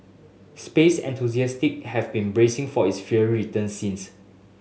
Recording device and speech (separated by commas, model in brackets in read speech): mobile phone (Samsung S8), read sentence